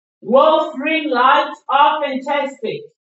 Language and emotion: English, neutral